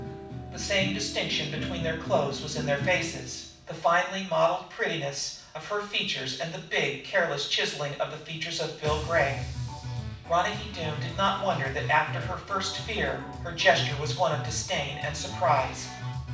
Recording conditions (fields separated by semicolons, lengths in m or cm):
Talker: one person; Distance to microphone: 5.8 m; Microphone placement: far; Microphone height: 1.8 m; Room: medium-sized (5.7 m by 4.0 m); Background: music